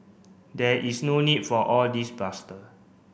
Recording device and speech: boundary microphone (BM630), read sentence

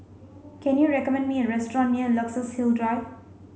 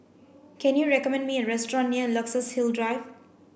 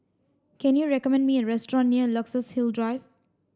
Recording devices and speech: mobile phone (Samsung C5), boundary microphone (BM630), standing microphone (AKG C214), read sentence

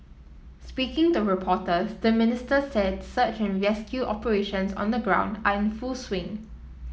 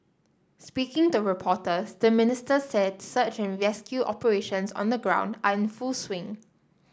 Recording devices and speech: mobile phone (iPhone 7), standing microphone (AKG C214), read sentence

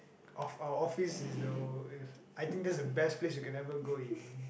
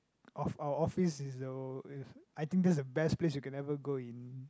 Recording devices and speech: boundary microphone, close-talking microphone, conversation in the same room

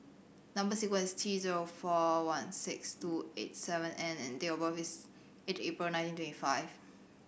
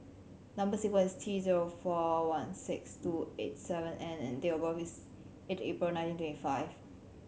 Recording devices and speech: boundary microphone (BM630), mobile phone (Samsung C7100), read sentence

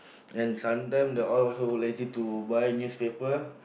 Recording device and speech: boundary microphone, conversation in the same room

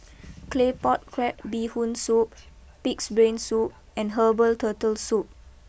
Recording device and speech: boundary microphone (BM630), read sentence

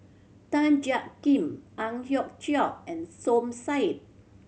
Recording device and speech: mobile phone (Samsung C7100), read sentence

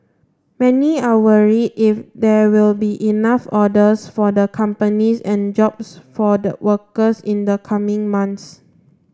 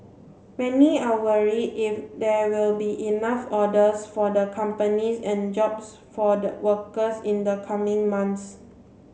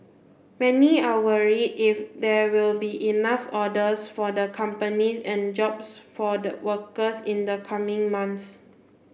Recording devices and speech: standing microphone (AKG C214), mobile phone (Samsung C7), boundary microphone (BM630), read sentence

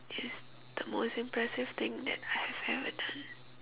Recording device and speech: telephone, conversation in separate rooms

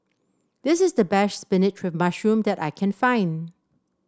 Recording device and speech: standing microphone (AKG C214), read sentence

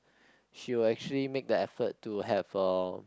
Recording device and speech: close-talking microphone, conversation in the same room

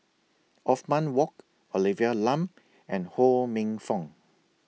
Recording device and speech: mobile phone (iPhone 6), read sentence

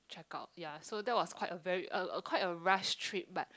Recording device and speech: close-talking microphone, conversation in the same room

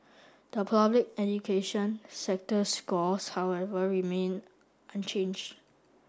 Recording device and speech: standing microphone (AKG C214), read sentence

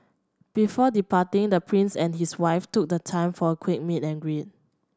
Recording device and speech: standing microphone (AKG C214), read sentence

